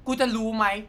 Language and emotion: Thai, angry